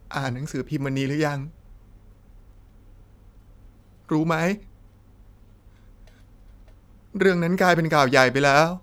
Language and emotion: Thai, sad